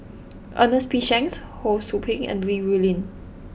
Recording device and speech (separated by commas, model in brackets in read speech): boundary microphone (BM630), read sentence